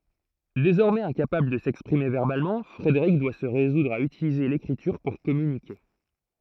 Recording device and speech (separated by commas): throat microphone, read sentence